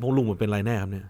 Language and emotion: Thai, neutral